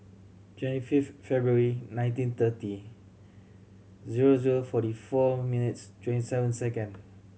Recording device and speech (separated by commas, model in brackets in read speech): mobile phone (Samsung C7100), read sentence